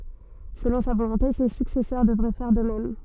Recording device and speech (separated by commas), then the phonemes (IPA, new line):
soft in-ear microphone, read sentence
səlɔ̃ sa volɔ̃te se syksɛsœʁ dəvʁɛ fɛʁ də mɛm